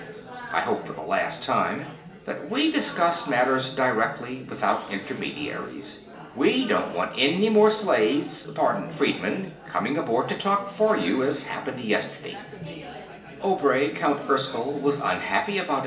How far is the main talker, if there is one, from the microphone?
1.8 m.